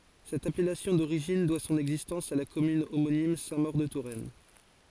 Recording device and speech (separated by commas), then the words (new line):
forehead accelerometer, read sentence
Cette appellation d'origine doit son existence à la commune homonyme Sainte-Maure-de-Touraine.